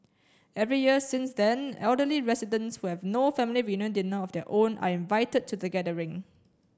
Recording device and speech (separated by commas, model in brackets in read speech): standing microphone (AKG C214), read sentence